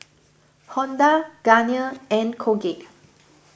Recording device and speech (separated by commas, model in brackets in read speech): boundary microphone (BM630), read sentence